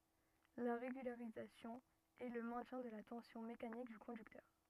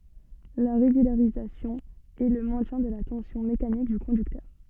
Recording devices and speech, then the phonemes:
rigid in-ear microphone, soft in-ear microphone, read sentence
la ʁeɡylaʁizasjɔ̃ ɛ lə mɛ̃tjɛ̃ də la tɑ̃sjɔ̃ mekanik dy kɔ̃dyktœʁ

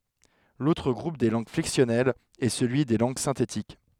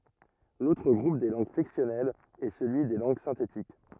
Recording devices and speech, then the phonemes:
headset microphone, rigid in-ear microphone, read sentence
lotʁ ɡʁup de lɑ̃ɡ flɛksjɔnɛlz ɛ səlyi de lɑ̃ɡ sɛ̃tetik

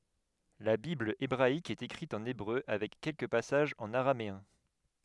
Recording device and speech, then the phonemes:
headset microphone, read sentence
la bibl ebʁaik ɛt ekʁit ɑ̃n ebʁø avɛk kɛlkə pasaʒz ɑ̃n aʁameɛ̃

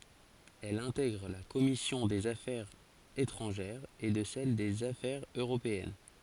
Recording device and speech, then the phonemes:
forehead accelerometer, read sentence
ɛl ɛ̃tɛɡʁ la kɔmisjɔ̃ dez afɛʁz etʁɑ̃ʒɛʁz e də sɛl dez afɛʁz øʁopeɛn

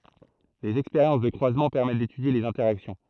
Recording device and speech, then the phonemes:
throat microphone, read sentence
dez ɛkspeʁjɑ̃s də kʁwazmɑ̃ pɛʁmɛt detydje lez ɛ̃tɛʁaksjɔ̃

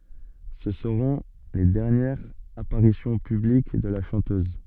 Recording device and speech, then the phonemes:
soft in-ear microphone, read sentence
sə səʁɔ̃ le dɛʁnjɛʁz apaʁisjɔ̃ pyblik də la ʃɑ̃tøz

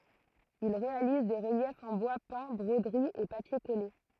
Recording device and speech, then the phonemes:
throat microphone, read sentence
il ʁealiz de ʁəljɛfz ɑ̃ bwa pɛ̃ bʁodəʁiz e papje kɔle

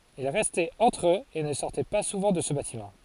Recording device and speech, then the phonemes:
forehead accelerometer, read sentence
il ʁɛstɛt ɑ̃tʁ øz e nə sɔʁtɛ pa suvɑ̃ də sə batimɑ̃

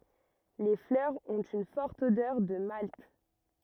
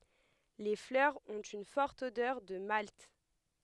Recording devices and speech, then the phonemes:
rigid in-ear microphone, headset microphone, read sentence
le flœʁz ɔ̃t yn fɔʁt odœʁ də malt

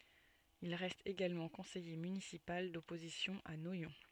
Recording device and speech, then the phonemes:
soft in-ear microphone, read sentence
il ʁɛst eɡalmɑ̃ kɔ̃sɛje mynisipal dɔpozisjɔ̃ a nwajɔ̃

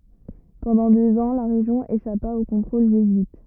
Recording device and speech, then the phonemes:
rigid in-ear microphone, read sentence
pɑ̃dɑ̃ døz ɑ̃ la ʁeʒjɔ̃ eʃapa o kɔ̃tʁol ʒezyit

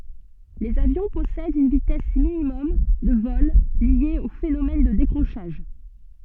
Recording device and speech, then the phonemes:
soft in-ear microphone, read sentence
lez avjɔ̃ pɔsɛdt yn vitɛs minimɔm də vɔl lje o fenomɛn də dekʁoʃaʒ

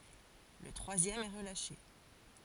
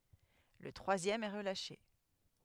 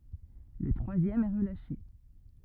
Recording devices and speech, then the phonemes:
forehead accelerometer, headset microphone, rigid in-ear microphone, read sentence
lə tʁwazjɛm ɛ ʁəlaʃe

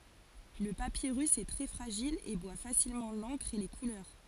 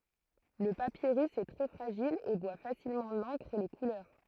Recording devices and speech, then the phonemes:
forehead accelerometer, throat microphone, read sentence
lə papiʁys ɛ tʁɛ fʁaʒil e bwa fasilmɑ̃ lɑ̃kʁ e le kulœʁ

